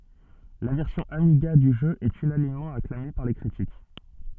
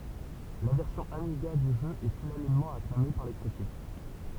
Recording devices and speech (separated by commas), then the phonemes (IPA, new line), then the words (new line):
soft in-ear microphone, temple vibration pickup, read sentence
la vɛʁsjɔ̃ amiɡa dy ʒø ɛt ynanimmɑ̃ aklame paʁ le kʁitik
La version Amiga du jeu est unanimement acclamée par les critiques.